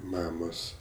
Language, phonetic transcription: Lithuanian, ˈmamos

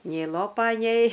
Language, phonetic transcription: Lithuanian, nei ˈlopa nei

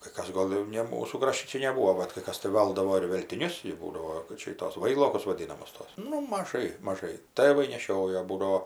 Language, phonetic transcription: Lithuanian, kai ˈkas ˈgol jau ˈne ˈmūsų ˈkrašti ˈčia neˈbūo bat kai ˈkas tai ˈvaldavo ir veltiˈnius jau ˈbūdavo kad ˈčia i ˈtos ˈvailokus vaˈdynamus ˈtos ˈnu maˈžai maˈžai ˈtɘvai neˈšiojo ˈbūdao

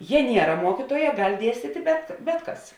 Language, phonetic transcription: Lithuanian, ˈje ˈniera ˈmuokituoja ˈgal' ˈdiestyti bet ˈbet ˌkas

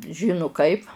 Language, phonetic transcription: Lithuanian, ˈžinu ˈkaip

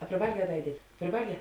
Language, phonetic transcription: Lithuanian, a priˈvalˌgē a ˈda iˈdietˈ priˈvalˌgē

